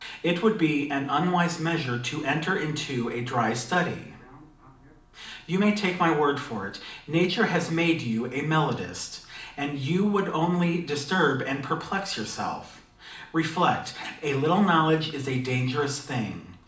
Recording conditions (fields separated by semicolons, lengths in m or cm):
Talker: one person; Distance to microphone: 2.0 m; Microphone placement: close; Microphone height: 99 cm; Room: medium-sized (5.7 m by 4.0 m); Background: television